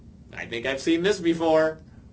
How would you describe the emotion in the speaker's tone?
happy